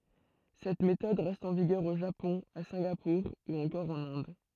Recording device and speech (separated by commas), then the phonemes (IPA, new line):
throat microphone, read sentence
sɛt metɔd ʁɛst ɑ̃ viɡœʁ o ʒapɔ̃ a sɛ̃ɡapuʁ u ɑ̃kɔʁ ɑ̃n ɛ̃d